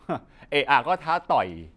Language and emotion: Thai, frustrated